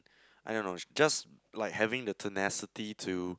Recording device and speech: close-talking microphone, conversation in the same room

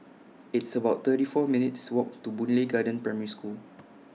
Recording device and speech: mobile phone (iPhone 6), read sentence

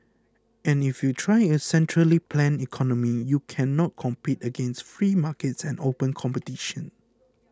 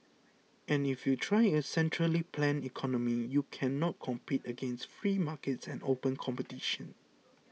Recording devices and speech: close-talking microphone (WH20), mobile phone (iPhone 6), read sentence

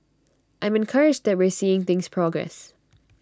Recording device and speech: standing microphone (AKG C214), read sentence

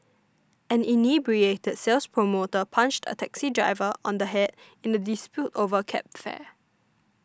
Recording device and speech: standing microphone (AKG C214), read sentence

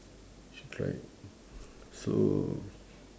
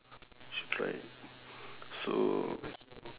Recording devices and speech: standing microphone, telephone, conversation in separate rooms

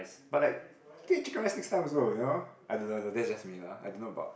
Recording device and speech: boundary microphone, conversation in the same room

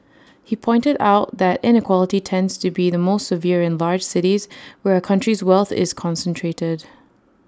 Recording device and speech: standing microphone (AKG C214), read sentence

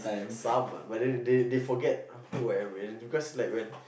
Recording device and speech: boundary microphone, conversation in the same room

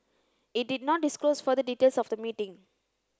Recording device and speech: close-talking microphone (WH30), read sentence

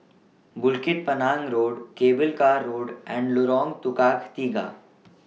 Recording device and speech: mobile phone (iPhone 6), read sentence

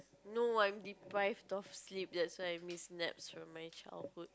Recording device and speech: close-talking microphone, conversation in the same room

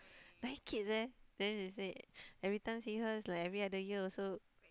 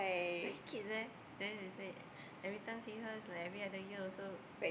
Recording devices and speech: close-talking microphone, boundary microphone, conversation in the same room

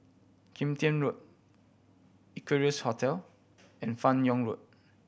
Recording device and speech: boundary microphone (BM630), read sentence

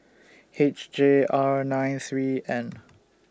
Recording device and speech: standing microphone (AKG C214), read sentence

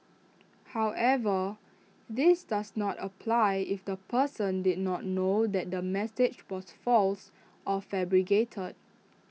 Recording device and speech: mobile phone (iPhone 6), read sentence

